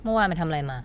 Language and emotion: Thai, frustrated